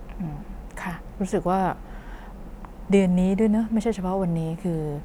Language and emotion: Thai, neutral